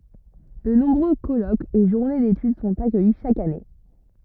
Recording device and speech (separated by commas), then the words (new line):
rigid in-ear microphone, read sentence
De nombreux colloques et journées d'études sont accueillis chaque année.